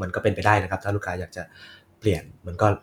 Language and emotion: Thai, neutral